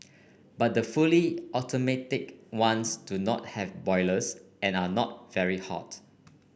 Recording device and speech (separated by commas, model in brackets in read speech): boundary microphone (BM630), read sentence